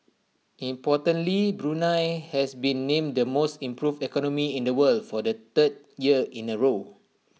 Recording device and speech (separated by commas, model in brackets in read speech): mobile phone (iPhone 6), read sentence